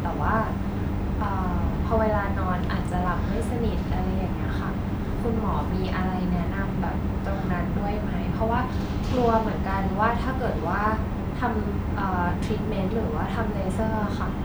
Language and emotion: Thai, neutral